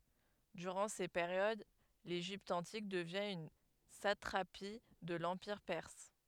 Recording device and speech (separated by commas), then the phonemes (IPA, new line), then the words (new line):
headset microphone, read sentence
dyʁɑ̃ se peʁjod leʒipt ɑ̃tik dəvjɛ̃ yn satʁapi də lɑ̃piʁ pɛʁs
Durant ces périodes, l'Égypte antique devient une satrapie de l'empire perse.